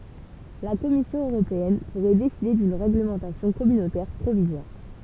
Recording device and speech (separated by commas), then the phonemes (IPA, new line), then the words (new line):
temple vibration pickup, read sentence
la kɔmisjɔ̃ øʁopeɛn puʁɛ deside dyn ʁeɡləmɑ̃tasjɔ̃ kɔmynotɛʁ pʁovizwaʁ
La Commission européenne pourrait décider d’une réglementation communautaire provisoire.